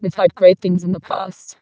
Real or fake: fake